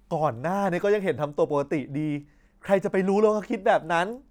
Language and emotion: Thai, frustrated